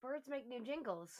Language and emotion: English, happy